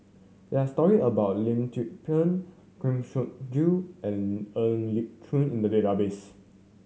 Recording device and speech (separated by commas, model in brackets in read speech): mobile phone (Samsung C7100), read sentence